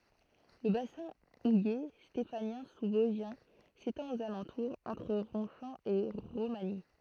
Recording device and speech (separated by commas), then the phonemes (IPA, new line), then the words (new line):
throat microphone, read sentence
lə basɛ̃ uje stefanjɛ̃ suzvɔzʒjɛ̃ setɑ̃t oz alɑ̃tuʁz ɑ̃tʁ ʁɔ̃ʃɑ̃ e ʁomaɲi
Le bassin houiller stéphanien sous-vosgien s’étend aux alentours, entre Ronchamp et Romagny.